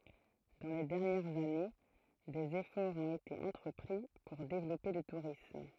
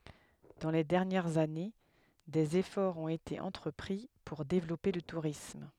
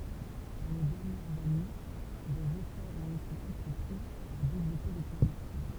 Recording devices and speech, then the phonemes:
throat microphone, headset microphone, temple vibration pickup, read sentence
dɑ̃ le dɛʁnjɛʁz ane dez efɔʁz ɔ̃t ete ɑ̃tʁəpʁi puʁ devlɔpe lə tuʁism

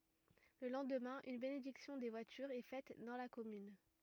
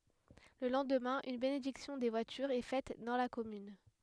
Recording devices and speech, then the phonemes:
rigid in-ear microphone, headset microphone, read sentence
lə lɑ̃dmɛ̃ yn benediksjɔ̃ de vwatyʁz ɛ fɛt dɑ̃ la kɔmyn

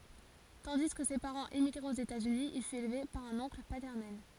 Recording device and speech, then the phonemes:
forehead accelerometer, read sentence
tɑ̃di kə se paʁɑ̃z emiɡʁɛt oz etaz yni il fyt elve paʁ œ̃n ɔ̃kl patɛʁnɛl

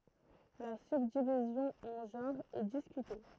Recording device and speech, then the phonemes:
throat microphone, read sentence
la sybdivizjɔ̃ ɑ̃ ʒɑ̃ʁz ɛ diskyte

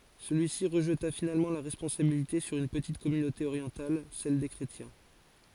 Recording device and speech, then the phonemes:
forehead accelerometer, read sentence
səlyisi ʁəʒta finalmɑ̃ la ʁɛspɔ̃sabilite syʁ yn pətit kɔmynote oʁjɑ̃tal sɛl de kʁetjɛ̃

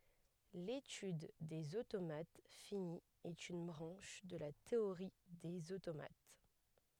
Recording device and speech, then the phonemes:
headset microphone, read sentence
letyd dez otomat fini ɛt yn bʁɑ̃ʃ də la teoʁi dez otomat

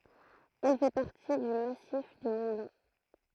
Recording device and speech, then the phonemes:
throat microphone, read sentence
ɛl fɛ paʁti dy masif dy mɔ̃ blɑ̃

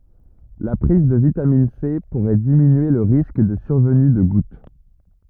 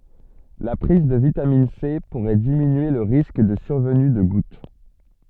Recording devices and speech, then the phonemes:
rigid in-ear microphone, soft in-ear microphone, read sentence
la pʁiz də vitamin se puʁɛ diminye lə ʁisk də syʁvəny də ɡut

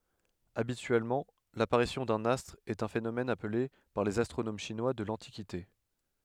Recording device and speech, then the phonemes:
headset microphone, read sentence
abityɛlmɑ̃ lapaʁisjɔ̃ dœ̃n astʁ ɛt œ̃ fenomɛn aple paʁ lez astʁonom ʃinwa də lɑ̃tikite

